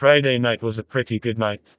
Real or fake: fake